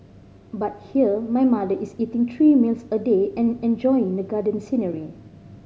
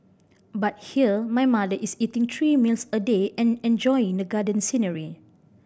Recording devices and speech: mobile phone (Samsung C5010), boundary microphone (BM630), read sentence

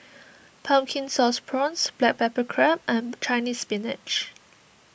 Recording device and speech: boundary microphone (BM630), read sentence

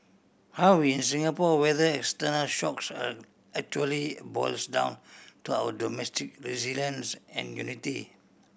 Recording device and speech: boundary microphone (BM630), read sentence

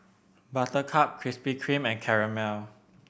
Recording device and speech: boundary microphone (BM630), read sentence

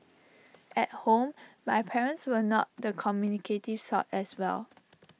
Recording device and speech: mobile phone (iPhone 6), read sentence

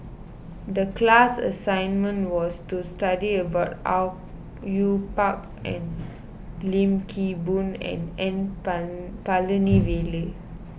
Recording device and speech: boundary microphone (BM630), read sentence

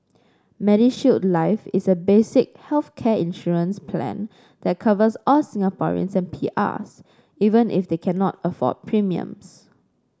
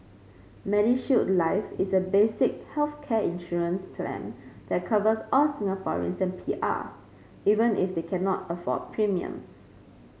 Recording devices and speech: standing microphone (AKG C214), mobile phone (Samsung C5), read sentence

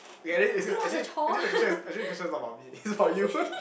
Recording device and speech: boundary microphone, conversation in the same room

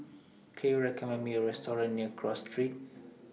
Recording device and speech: mobile phone (iPhone 6), read sentence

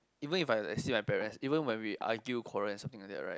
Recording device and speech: close-talking microphone, conversation in the same room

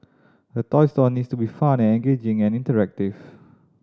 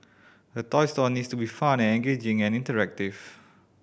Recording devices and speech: standing microphone (AKG C214), boundary microphone (BM630), read sentence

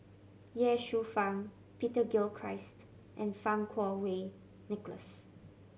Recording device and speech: mobile phone (Samsung C7100), read sentence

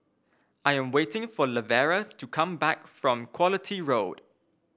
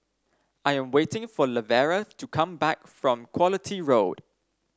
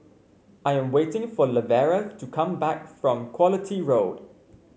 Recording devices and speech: boundary microphone (BM630), standing microphone (AKG C214), mobile phone (Samsung C5), read sentence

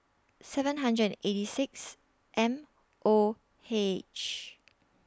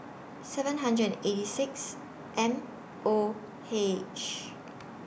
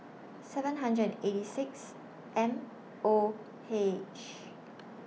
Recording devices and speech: standing microphone (AKG C214), boundary microphone (BM630), mobile phone (iPhone 6), read sentence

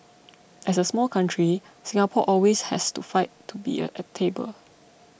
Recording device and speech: boundary microphone (BM630), read sentence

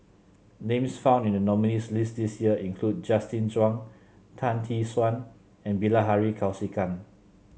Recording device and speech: mobile phone (Samsung C7), read sentence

